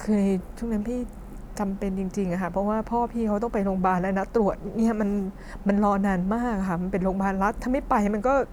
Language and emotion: Thai, sad